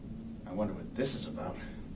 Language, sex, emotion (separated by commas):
English, male, fearful